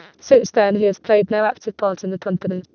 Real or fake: fake